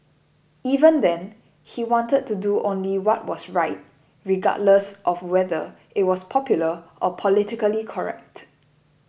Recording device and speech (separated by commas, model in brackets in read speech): boundary microphone (BM630), read sentence